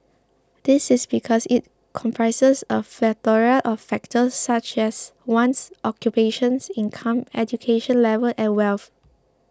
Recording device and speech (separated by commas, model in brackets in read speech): close-talking microphone (WH20), read sentence